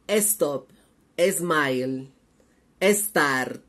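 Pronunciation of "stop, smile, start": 'Stop', 'smile' and 'start' are pronounced incorrectly here: each word has an e sound added before the s at the very beginning.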